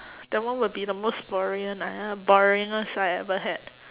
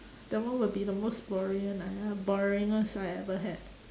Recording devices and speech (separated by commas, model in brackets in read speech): telephone, standing microphone, conversation in separate rooms